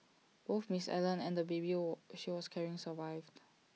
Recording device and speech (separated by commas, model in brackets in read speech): mobile phone (iPhone 6), read sentence